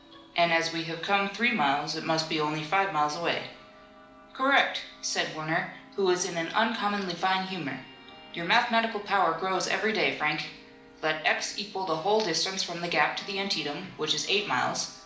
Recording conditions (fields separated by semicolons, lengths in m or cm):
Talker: one person; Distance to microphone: 2.0 m; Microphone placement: close; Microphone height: 99 cm; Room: medium-sized (5.7 m by 4.0 m); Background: television